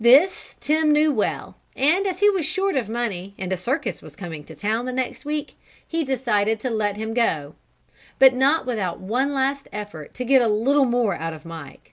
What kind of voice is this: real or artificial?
real